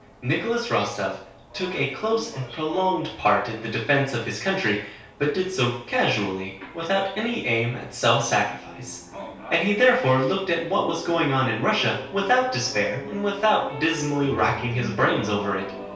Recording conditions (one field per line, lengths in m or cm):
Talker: one person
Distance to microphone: 3.0 m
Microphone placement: far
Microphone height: 1.8 m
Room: small (3.7 m by 2.7 m)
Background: television